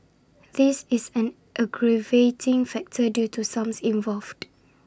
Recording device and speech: standing microphone (AKG C214), read sentence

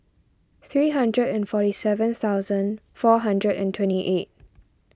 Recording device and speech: standing microphone (AKG C214), read sentence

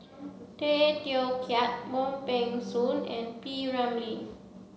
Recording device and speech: mobile phone (Samsung C7), read sentence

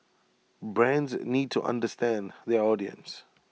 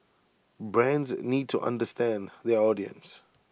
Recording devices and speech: mobile phone (iPhone 6), boundary microphone (BM630), read sentence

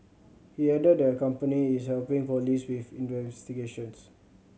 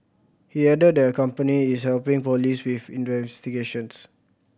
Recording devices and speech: mobile phone (Samsung C7100), boundary microphone (BM630), read sentence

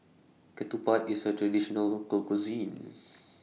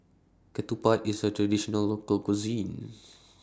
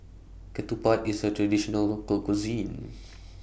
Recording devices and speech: mobile phone (iPhone 6), standing microphone (AKG C214), boundary microphone (BM630), read sentence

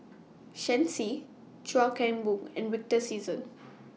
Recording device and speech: mobile phone (iPhone 6), read sentence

